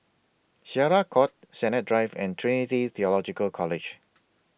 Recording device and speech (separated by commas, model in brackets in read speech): boundary microphone (BM630), read sentence